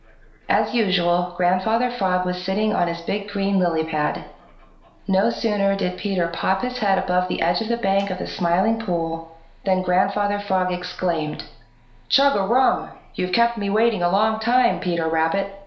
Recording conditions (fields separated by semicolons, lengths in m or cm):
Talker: one person; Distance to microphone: 1.0 m; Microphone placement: close; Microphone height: 1.1 m; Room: small (3.7 m by 2.7 m); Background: television